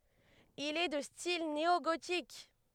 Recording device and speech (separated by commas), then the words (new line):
headset microphone, read sentence
Il est de style néogothique.